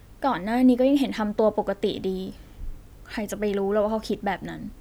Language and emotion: Thai, frustrated